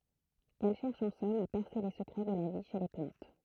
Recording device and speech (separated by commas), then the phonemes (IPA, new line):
throat microphone, read sentence
ɛl ʃɛʁʃ ɑ̃ sɔm a pɛʁse le səkʁɛ də la vi ʃe le plɑ̃t